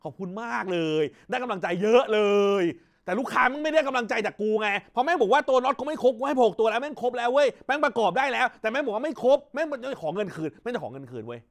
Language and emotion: Thai, angry